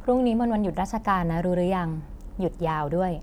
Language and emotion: Thai, neutral